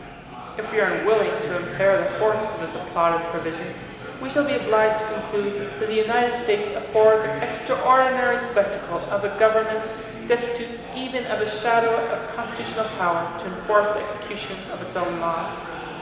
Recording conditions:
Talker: one person; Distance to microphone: 1.7 m; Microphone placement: close; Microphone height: 1.0 m; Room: very reverberant, large; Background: babble

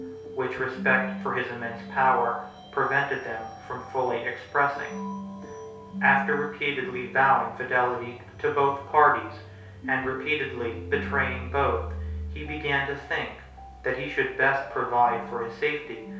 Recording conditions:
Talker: one person; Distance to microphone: 3.0 m; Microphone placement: far; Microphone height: 1.8 m; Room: small (3.7 m by 2.7 m); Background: music

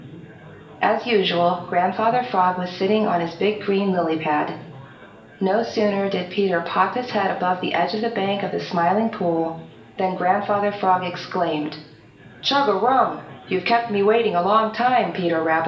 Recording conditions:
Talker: one person; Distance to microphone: 1.8 m; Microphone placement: close; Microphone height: 1.0 m; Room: large; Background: babble

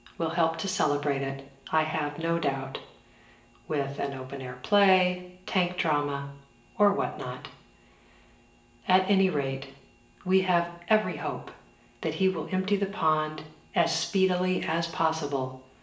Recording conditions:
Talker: one person; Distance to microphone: 1.8 m; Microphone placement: close; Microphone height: 1.0 m; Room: large; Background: none

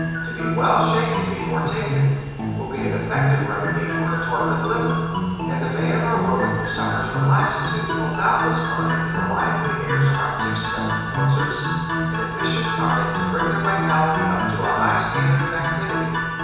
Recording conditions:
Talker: one person; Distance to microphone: 7.1 m; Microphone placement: far; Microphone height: 1.7 m; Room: very reverberant, large; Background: music

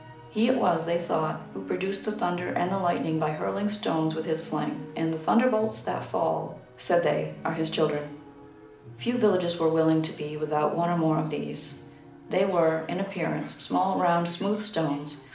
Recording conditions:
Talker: one person; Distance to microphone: 2.0 m; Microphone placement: close; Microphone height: 99 cm; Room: medium-sized (5.7 m by 4.0 m); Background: television

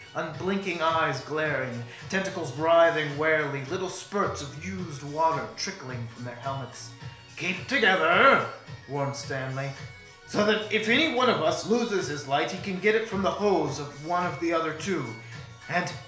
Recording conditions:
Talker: one person; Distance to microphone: 1.0 m; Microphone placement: close; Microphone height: 1.1 m; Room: small (3.7 m by 2.7 m); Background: music

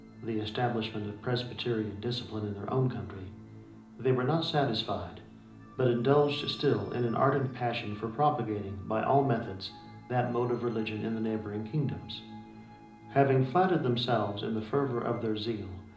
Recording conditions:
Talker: one person; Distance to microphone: 2.0 m; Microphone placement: close; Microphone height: 99 cm; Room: medium-sized (5.7 m by 4.0 m); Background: music

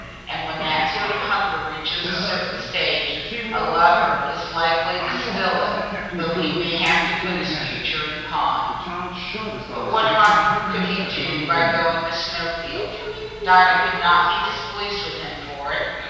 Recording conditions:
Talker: one person; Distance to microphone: 7.1 m; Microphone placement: far; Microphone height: 1.7 m; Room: very reverberant, large; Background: television

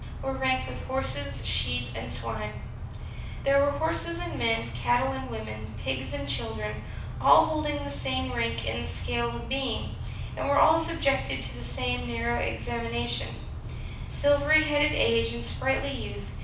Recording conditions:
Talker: one person; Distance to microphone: 5.8 m; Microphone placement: far; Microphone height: 1.8 m; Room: medium-sized (5.7 m by 4.0 m); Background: none

